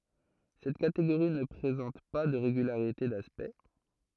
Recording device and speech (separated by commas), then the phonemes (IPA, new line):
throat microphone, read sentence
sɛt kateɡoʁi nə pʁezɑ̃t pa də ʁeɡylaʁite daspɛkt